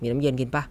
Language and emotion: Thai, neutral